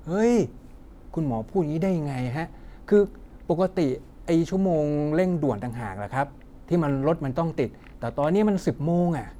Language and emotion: Thai, frustrated